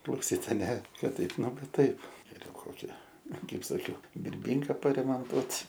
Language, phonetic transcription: Lithuanian, klauˈsyt aˈne ˈkad ˈtaip ˈnu ˈva ˈtaip geˈriau ˈkoki ˈkaip saˈkiau birˈbynką paremonˈtuot'

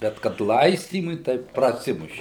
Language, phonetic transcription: Lithuanian, ˈbet kad ˈlaistymui tai praˈsimuši

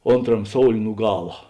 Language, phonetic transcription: Lithuanian, ˈonˌtram ˈsoulė nu ˈgala

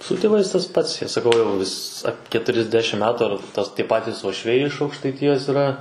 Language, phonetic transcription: Lithuanian, su tėˈvais tas ˈpats ˈjie saˈkau jau vis a keturiasˈdešim ˈmetu ar tas tie ˈpatys uošˈviai iš aukštaiˈtijas yrˈa

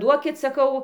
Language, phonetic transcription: Lithuanian, ˈduokit saˈkau

